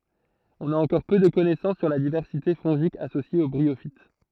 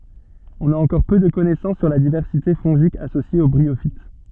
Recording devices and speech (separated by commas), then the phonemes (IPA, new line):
throat microphone, soft in-ear microphone, read sentence
ɔ̃n a ɑ̃kɔʁ pø də kɔnɛsɑ̃s syʁ la divɛʁsite fɔ̃ʒik asosje o bʁiofit